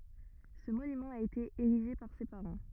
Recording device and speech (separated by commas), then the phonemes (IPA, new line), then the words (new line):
rigid in-ear microphone, read sentence
sə monymɑ̃ a ete eʁiʒe paʁ se paʁɑ̃
Ce monument a été érigé par ses parents.